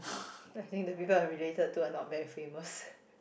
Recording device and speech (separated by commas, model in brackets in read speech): boundary microphone, conversation in the same room